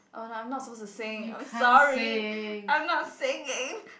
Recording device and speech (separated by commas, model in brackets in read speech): boundary microphone, conversation in the same room